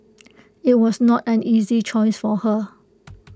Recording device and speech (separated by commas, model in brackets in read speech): close-talking microphone (WH20), read sentence